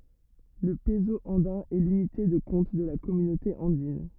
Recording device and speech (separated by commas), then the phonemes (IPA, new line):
rigid in-ear microphone, read sentence
lə pəzo ɑ̃dɛ̃ ɛ lynite də kɔ̃t də la kɔmynote ɑ̃din